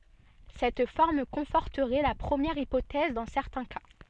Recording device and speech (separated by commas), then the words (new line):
soft in-ear microphone, read sentence
Cette forme conforterait la première hypothèse dans certains cas.